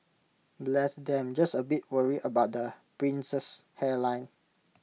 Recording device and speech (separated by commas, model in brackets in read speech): mobile phone (iPhone 6), read sentence